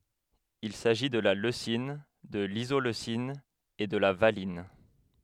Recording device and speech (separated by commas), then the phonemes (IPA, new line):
headset microphone, read sentence
il saʒi də la løsin də lizoløsin e də la valin